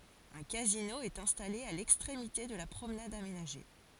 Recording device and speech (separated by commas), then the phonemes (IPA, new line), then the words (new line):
forehead accelerometer, read sentence
œ̃ kazino ɛt ɛ̃stale a lɛkstʁemite də la pʁomnad amenaʒe
Un casino est installé à l'extrémité de la promenade aménagée.